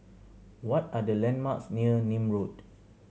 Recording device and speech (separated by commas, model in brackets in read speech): mobile phone (Samsung C7100), read sentence